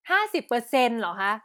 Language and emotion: Thai, frustrated